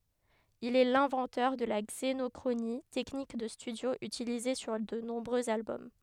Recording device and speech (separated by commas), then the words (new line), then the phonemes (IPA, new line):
headset microphone, read sentence
Il est l'inventeur de la xénochronie, technique de studio utilisée sur de nombreux albums.
il ɛ lɛ̃vɑ̃tœʁ də la ɡzenɔkʁoni tɛknik də stydjo ytilize syʁ də nɔ̃bʁøz albɔm